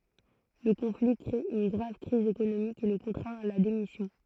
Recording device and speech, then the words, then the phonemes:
throat microphone, read sentence
Le conflit crée une grave crise économique qui le contraint à la démission.
lə kɔ̃fli kʁe yn ɡʁav kʁiz ekonomik ki lə kɔ̃tʁɛ̃t a la demisjɔ̃

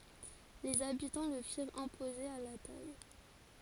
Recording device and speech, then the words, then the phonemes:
forehead accelerometer, read sentence
Les habitants le firent imposer à la taille.
lez abitɑ̃ lə fiʁt ɛ̃poze a la taj

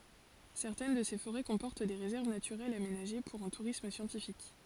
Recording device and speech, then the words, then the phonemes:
forehead accelerometer, read sentence
Certaines de ces forêts comportent des réserves naturelles aménagées pour un tourisme scientifique.
sɛʁtɛn də se foʁɛ kɔ̃pɔʁt de ʁezɛʁv natyʁɛlz amenaʒe puʁ œ̃ tuʁism sjɑ̃tifik

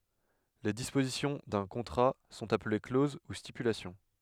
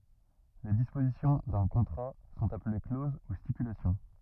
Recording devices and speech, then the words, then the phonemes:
headset microphone, rigid in-ear microphone, read sentence
Les dispositions d'un contrat sont appelées clauses ou stipulations.
le dispozisjɔ̃ dœ̃ kɔ̃tʁa sɔ̃t aple kloz u stipylasjɔ̃

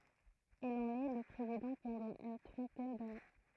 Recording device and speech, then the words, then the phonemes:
throat microphone, read sentence
Il en est le président pendant une trentaine d'années.
il ɑ̃n ɛ lə pʁezidɑ̃ pɑ̃dɑ̃ yn tʁɑ̃tɛn dane

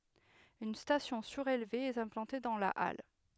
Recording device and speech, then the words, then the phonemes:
headset microphone, read sentence
Une station surélevée est implantée dans la halle.
yn stasjɔ̃ syʁelve ɛt ɛ̃plɑ̃te dɑ̃ la al

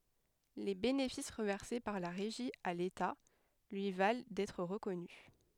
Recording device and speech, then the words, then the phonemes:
headset microphone, read sentence
Les bénéfices reversés par la Régie à l’État lui valent d’être reconnu.
le benefis ʁəvɛʁse paʁ la ʁeʒi a leta lyi val dɛtʁ ʁəkɔny

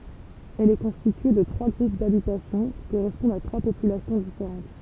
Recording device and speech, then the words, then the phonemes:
temple vibration pickup, read sentence
Elle est constituée de trois groupes d'habitation qui correspondent à trois populations différentes.
ɛl ɛ kɔ̃stitye də tʁwa ɡʁup dabitasjɔ̃ ki koʁɛspɔ̃dt a tʁwa popylasjɔ̃ difeʁɑ̃t

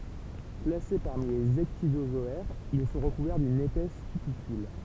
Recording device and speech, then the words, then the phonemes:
temple vibration pickup, read sentence
Classés parmi les ecdysozoaires, ils sont recouverts d'une épaisse cuticule.
klase paʁmi lez ɛkdizozɔɛʁz il sɔ̃ ʁəkuvɛʁ dyn epɛs kytikyl

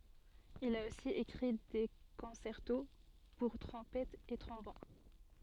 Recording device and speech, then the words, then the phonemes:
soft in-ear microphone, read sentence
Il a aussi écrit des concertos pour trompettes et trombones.
il a osi ekʁi de kɔ̃sɛʁto puʁ tʁɔ̃pɛtz e tʁɔ̃bon

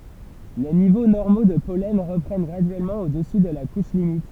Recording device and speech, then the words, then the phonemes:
temple vibration pickup, read sentence
Les niveaux normaux de pollen reprennent graduellement au-dessus de la couche limite.
le nivo nɔʁmo də pɔlɛn ʁəpʁɛn ɡʁadyɛlmɑ̃ odəsy də la kuʃ limit

